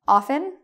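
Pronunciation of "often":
'Often' is said without the T; the t is silent.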